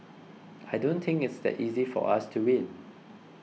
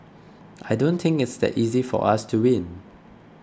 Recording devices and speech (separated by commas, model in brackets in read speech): mobile phone (iPhone 6), close-talking microphone (WH20), read sentence